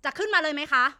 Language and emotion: Thai, angry